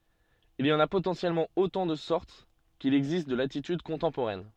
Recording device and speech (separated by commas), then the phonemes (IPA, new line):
soft in-ear microphone, read sentence
il i ɑ̃n a potɑ̃sjɛlmɑ̃ otɑ̃ də sɔʁt kil ɛɡzist də latityd kɔ̃tɑ̃poʁɛn